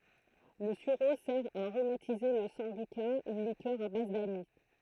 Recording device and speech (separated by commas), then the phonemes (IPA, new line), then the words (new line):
throat microphone, read sentence
lə syʁo sɛʁ a aʁomatize la sɑ̃byka yn likœʁ a baz danis
Le sureau sert à aromatiser la sambuca, une liqueur à base d'anis.